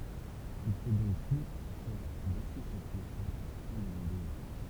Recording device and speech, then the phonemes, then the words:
temple vibration pickup, read sentence
il fɛ dɔ̃k tu puʁ fɛʁ bɛse sɛt tɑ̃sjɔ̃ sɑ̃ dezobeiʁ
Il fait donc tout pour faire baisser cette tension, sans désobéir.

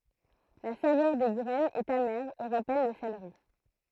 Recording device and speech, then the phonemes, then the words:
throat microphone, read sentence
la savœʁ de ɡʁɛnz ɛt amɛʁ e ʁapɛl lə seleʁi
La saveur des graines est amère et rappelle le céleri.

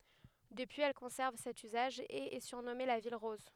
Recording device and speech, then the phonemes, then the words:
headset microphone, read sentence
dəpyiz ɛl kɔ̃sɛʁv sɛt yzaʒ e ɛ syʁnɔme la vil ʁɔz
Depuis, elle conserve cet usage et est surnommée la ville rose.

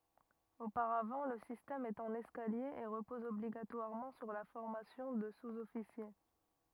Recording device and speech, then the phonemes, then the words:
rigid in-ear microphone, read sentence
opaʁavɑ̃ lə sistɛm ɛt ɑ̃n ɛskalje e ʁəpɔz ɔbliɡatwaʁmɑ̃ syʁ la fɔʁmasjɔ̃ də suzɔfisje
Auparavant le système est en escalier et repose obligatoirement sur la formation de sous-officier.

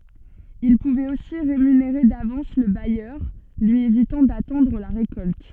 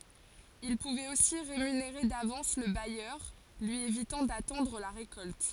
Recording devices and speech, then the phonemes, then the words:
soft in-ear microphone, forehead accelerometer, read sentence
il puvɛt osi ʁemyneʁe davɑ̃s lə bajœʁ lyi evitɑ̃ datɑ̃dʁ la ʁekɔlt
Il pouvait aussi rémunérer d'avance le bailleur, lui évitant d'attendre la récolte.

